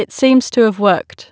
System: none